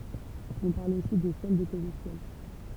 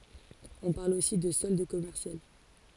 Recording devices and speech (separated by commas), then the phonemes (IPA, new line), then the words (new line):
temple vibration pickup, forehead accelerometer, read sentence
ɔ̃ paʁl osi də sɔld kɔmɛʁsjal
On parle aussi de solde commercial.